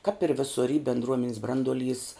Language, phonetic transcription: Lithuanian, kap ir ˈvisur y bendˈruomenes ˈbranduoˌlys

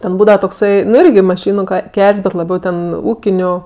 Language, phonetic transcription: Lithuanian, ˈten ˈbūdava tokˈsai ˈnu ˈirgi maˈšynu ˈkel's' bet laˈbiau ten ˈūkiniu

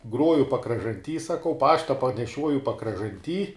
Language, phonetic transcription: Lithuanian, ˈgruoju pakražanˈty saˈkau ˈpašta paneˈšiuoju pakražanˈty

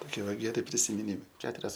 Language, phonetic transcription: Lithuanian, toˈkie ˈva geˈri prisimiˈnymai ˈketurias

